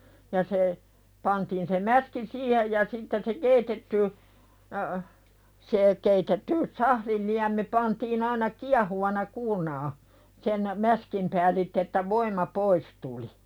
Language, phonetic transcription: Finnish, ja se , pantiin se 'mäski "siihej ja 'sitten se "keitetty , se , 'keitetty , "sahlil liämi pantiin ‿aina "kiahuvana kuurnaa , sen , "mäskim päälitt ‿että voim̀a "pois tuli .
- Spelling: ja se pantiin se mäski siihen ja sitten se keitetty se keitetty sahdin liemi pantiin aina kiehuvana kuurnaan sen mäskin päällitse että voima pois tuli

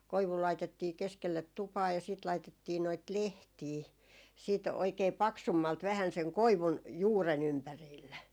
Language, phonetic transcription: Finnish, 'koivu laitettii 'keskellet "tupaa ja siit 'laitettii noit "lehtii , siit oikee "paksummalt vähän 'seŋ "koivun , "juuren 'ympäriille .
- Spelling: koivu laitettiin keskelle tupaa ja sitten laitettiin noita lehtiä sitten oikein paksummalti vähän sen koivun juuren ympärille

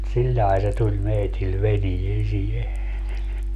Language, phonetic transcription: Finnish, 'siĺlai̮ se tuĺ 'meitil "veniesie .
- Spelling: sillä lailla se tuli meille veneeseen

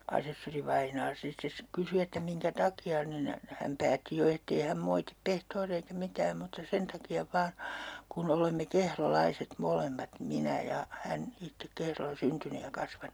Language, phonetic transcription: Finnish, 'asessorivainaa sit - ses- , 'kysy että 'miŋkä "taki₍a nin , häm 'päätti jo ettei 'häm 'moitip 'pehtooria eikä 'mitääm mutta 'sen taki₍a 'vaan , kun 'olemme "kehro'laiset 'molemmat , 'minä ja , 'hän "ittek 'Kehrolla 'syntyny ja 'kasvanu .
- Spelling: asessorivainaa sitten - kysyi että minkä takia niin hän päätti jo että ei hän moiti pehtoria eikä mitään mutta sen takia vain kun olemme kehrolaiset molemmat minä ja hän itse Kehrolla syntynyt ja kasvanut

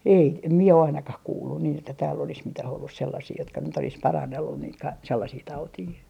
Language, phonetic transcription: Finnish, ei ‿t- , em 'mie a - 'ainakah "kuullun niin ‿että tääll ‿olis 'mitäh ‿ollus sellasii jotka nyt ‿olis "parannellun niit ka- , 'sellasii 'tautii .
- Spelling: ei - en minä - ainakaan kuullut niin että täällä olisi mitään ollut sellaisia jotka nyt olisi parannellut niitä - sellaisia tauteja

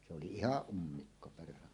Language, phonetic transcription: Finnish, se oli "ihaˀ 'ˀummikko perhana .
- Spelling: se oli ihan ummikko perhana

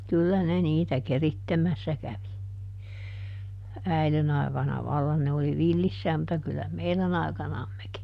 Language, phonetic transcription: Finnish, ˈkyllä ne ˈniitä ˈkerittemässä ˈkävi , ˈäilen ‿aikana ˈvallan ne oli ˈvillissääm mutta kyllä ˈmeilän ‿ai̮kanammeki .
- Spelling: kyllä ne niitä keritsemässä kävi äidin aikana vallan ne oli villissään mutta kyllä meidän aikanammekin

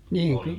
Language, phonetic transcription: Finnish, ˈniiŋ ky- ,.
- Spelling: niin -

